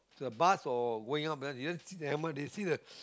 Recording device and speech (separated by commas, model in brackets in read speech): close-talking microphone, conversation in the same room